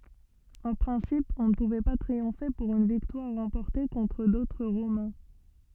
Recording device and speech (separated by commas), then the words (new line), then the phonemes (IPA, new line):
soft in-ear microphone, read sentence
En principe, on ne pouvait pas triompher pour une victoire remportée contre d'autres Romains.
ɑ̃ pʁɛ̃sip ɔ̃ nə puvɛ pa tʁiɔ̃fe puʁ yn viktwaʁ ʁɑ̃pɔʁte kɔ̃tʁ dotʁ ʁomɛ̃